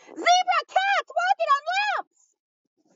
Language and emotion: English, happy